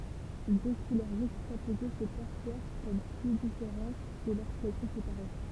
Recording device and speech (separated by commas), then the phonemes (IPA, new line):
temple vibration pickup, read sentence
dø kulœʁ ʒykstapoze sə pɛʁswav kɔm ply difeʁɑ̃t kə loʁskɛl sɔ̃ sepaʁe